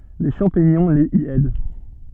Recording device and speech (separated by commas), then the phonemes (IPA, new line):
soft in-ear microphone, read sentence
le ʃɑ̃piɲɔ̃ lez i ɛd